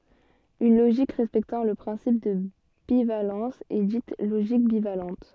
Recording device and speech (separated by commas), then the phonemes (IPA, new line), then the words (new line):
soft in-ear microphone, read sentence
yn loʒik ʁɛspɛktɑ̃ lə pʁɛ̃sip də bivalɑ̃s ɛ dit loʒik bivalɑ̃t
Une logique respectant le principe de bivalence est dite logique bivalente.